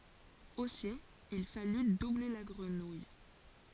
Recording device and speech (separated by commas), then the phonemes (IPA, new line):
forehead accelerometer, read sentence
osi il faly duble la ɡʁənuj